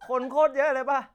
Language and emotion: Thai, happy